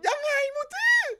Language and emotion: Thai, happy